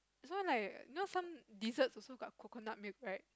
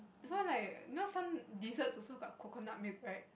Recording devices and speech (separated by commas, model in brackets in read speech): close-talking microphone, boundary microphone, conversation in the same room